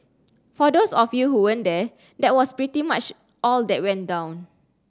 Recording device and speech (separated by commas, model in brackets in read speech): standing microphone (AKG C214), read sentence